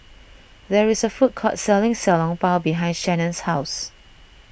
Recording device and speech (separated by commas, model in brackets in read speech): boundary microphone (BM630), read sentence